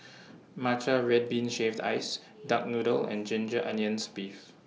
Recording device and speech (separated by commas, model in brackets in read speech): mobile phone (iPhone 6), read sentence